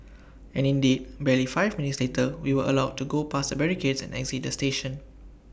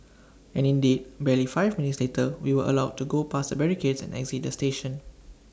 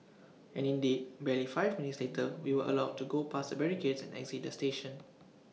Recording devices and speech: boundary microphone (BM630), standing microphone (AKG C214), mobile phone (iPhone 6), read sentence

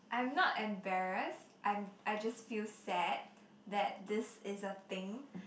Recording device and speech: boundary microphone, conversation in the same room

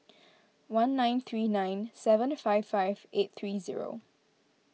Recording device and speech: mobile phone (iPhone 6), read sentence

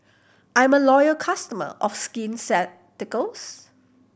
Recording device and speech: boundary microphone (BM630), read sentence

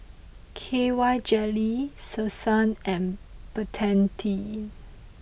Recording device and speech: boundary microphone (BM630), read sentence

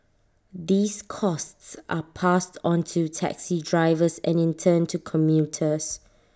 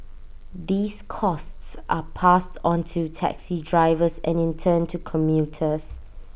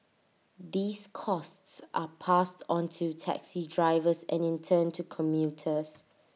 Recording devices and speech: standing microphone (AKG C214), boundary microphone (BM630), mobile phone (iPhone 6), read sentence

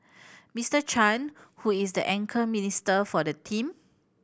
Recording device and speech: boundary microphone (BM630), read sentence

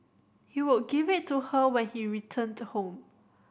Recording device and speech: boundary microphone (BM630), read sentence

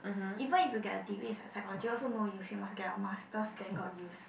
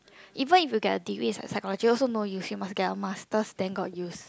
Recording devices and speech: boundary microphone, close-talking microphone, conversation in the same room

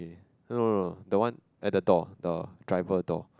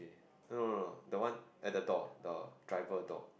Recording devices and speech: close-talking microphone, boundary microphone, conversation in the same room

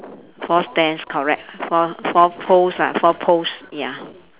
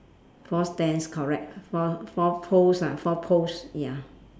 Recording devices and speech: telephone, standing microphone, conversation in separate rooms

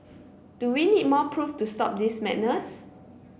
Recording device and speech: boundary microphone (BM630), read sentence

